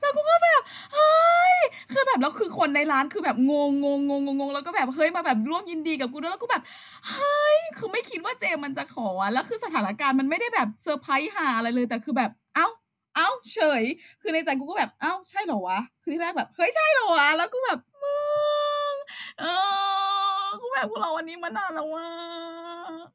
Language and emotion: Thai, happy